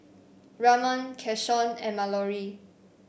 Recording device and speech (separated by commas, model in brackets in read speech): boundary microphone (BM630), read sentence